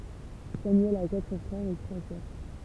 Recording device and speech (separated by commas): temple vibration pickup, read sentence